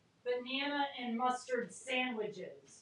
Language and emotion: English, angry